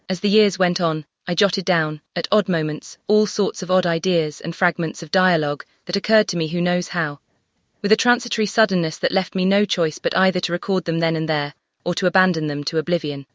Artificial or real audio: artificial